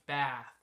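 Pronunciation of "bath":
'bath' is said with the short A sound, the same vowel as in 'tap'.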